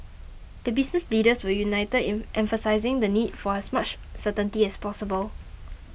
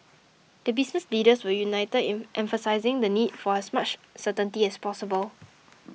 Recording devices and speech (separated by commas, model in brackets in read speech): boundary microphone (BM630), mobile phone (iPhone 6), read sentence